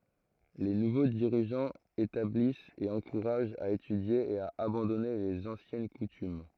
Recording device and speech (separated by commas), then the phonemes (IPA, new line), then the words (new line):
throat microphone, read sentence
le nuvo diʁiʒɑ̃z etablist e ɑ̃kuʁaʒt a etydje e a abɑ̃dɔne lez ɑ̃sjɛn kutym
Les nouveaux dirigeants établissent et encouragent à étudier et à abandonner les anciennes coutumes.